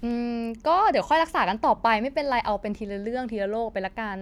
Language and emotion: Thai, neutral